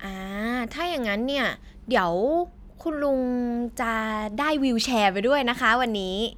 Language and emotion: Thai, happy